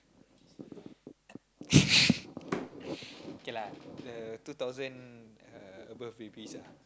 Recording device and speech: close-talking microphone, conversation in the same room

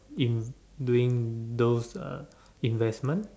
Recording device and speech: standing microphone, conversation in separate rooms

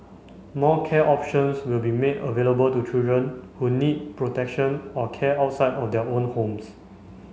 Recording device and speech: mobile phone (Samsung C5), read sentence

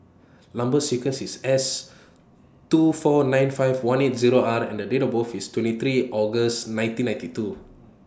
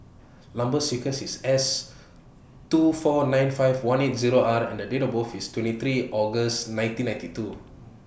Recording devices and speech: standing microphone (AKG C214), boundary microphone (BM630), read sentence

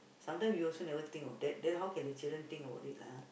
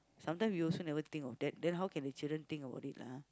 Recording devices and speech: boundary microphone, close-talking microphone, conversation in the same room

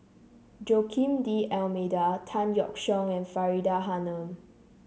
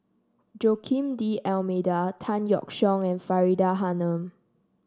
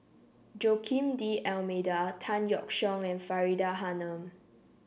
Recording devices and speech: mobile phone (Samsung C7), standing microphone (AKG C214), boundary microphone (BM630), read sentence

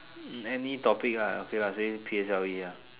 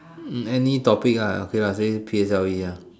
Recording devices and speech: telephone, standing microphone, conversation in separate rooms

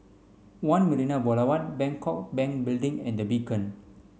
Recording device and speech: mobile phone (Samsung C5), read sentence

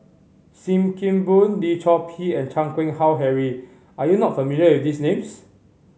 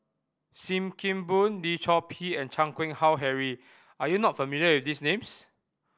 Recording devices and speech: mobile phone (Samsung C5010), boundary microphone (BM630), read sentence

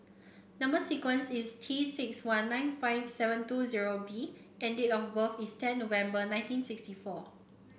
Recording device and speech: boundary microphone (BM630), read sentence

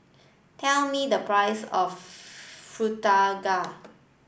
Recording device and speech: boundary microphone (BM630), read sentence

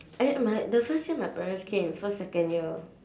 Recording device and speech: standing microphone, conversation in separate rooms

